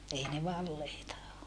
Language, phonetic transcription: Finnish, ei ne valleita o .
- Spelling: ei ne valeita ole

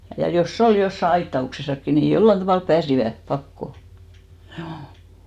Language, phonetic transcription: Finnish, ja 'jos"s ‿ol 'jossa 'aitta₍uksesakki ni 'jollan tavàlp 'pääsivä , 'pakko , ʰjuu .
- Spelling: ja jos oli jossakin aitauksessakin niin jollakin tavalla pääsivät pakoon juu

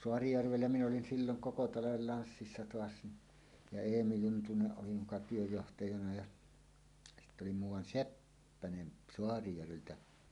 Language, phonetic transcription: Finnish, Soarijärvellä min ‿olin silloŋ 'koko 'talavel 'lanssissa "toas ni , ja "Eemi 'Juntuneˀ ˀoli muka 'työjjohtajana ja 'sitt ‿oli 'muuw̆wan "Seppänen 'Soarijärveltä .
- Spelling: Saarijärvellä minä olin silloin koko talven lanssissa taas niin ja Eemi Juntunen oli muka työnjohtajana ja sitten oli muuan Seppänen Saarijärveltä

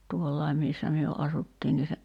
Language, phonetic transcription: Finnish, 'tuollaim̆ 'missä myö '’asuttiin ni se ,.
- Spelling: tuolla missä me asuttiin niin se

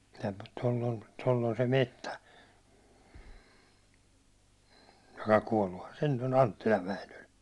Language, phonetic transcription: Finnish, ja toll ‿on , toll ‿on se 'mettä , joka 'kuålluhan se nyt ‿on "Anttilav 'Väinöl .
- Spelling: ja tuolla on tuolla on se metsä joka kuolluthan se nyt on Anttilan Väinöllä

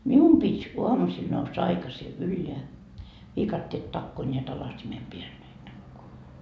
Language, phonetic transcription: Finnish, "mium pit́ 'uamusil noussa 'aikasi "ylleä , 'viikatteet 'takkoo ńeät 'alasimem 'peäl ne takkoo .
- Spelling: minun piti aamusilla nousta aikaisin ylös viikatteet takoa näet alasimen päällä ne takoa

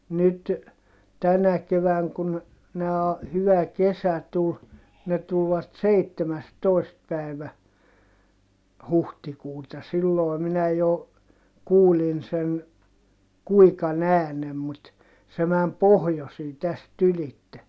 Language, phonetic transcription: Finnish, nyt , tänä kevääŋ kun , nää , hyvä kesä tul , ne tulvat seittemästoi̮st päi̮vä , huhtikuuta(.) sillòi̮ minä jo , kuulin sen , kuikan ‿äänem mut , se mäm pohjosii täst ‿ylitte .
- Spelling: nyt tänä keväänä kun nämä hyvä kesä tuli ne tulivat seitsemästoista päivä huhtikuuta silloin minä jo kuulin sen kuikan äänen mutta se meni pohjoiseen tästä ylitse

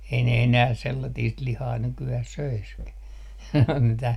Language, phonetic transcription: Finnish, ei ne enää sellatiist 'lihaa nyky₍äh 'söiskä , mitä ,.
- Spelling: ei ne enää sellaista lihaa nykyään söisikään mitä

